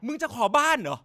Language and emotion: Thai, angry